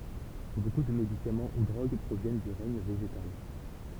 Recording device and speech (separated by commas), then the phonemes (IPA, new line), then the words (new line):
temple vibration pickup, read sentence
boku də medikamɑ̃ u dʁoɡ pʁovjɛn dy ʁɛɲ veʒetal
Beaucoup de médicaments ou drogues proviennent du règne végétal.